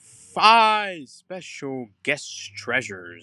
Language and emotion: English, happy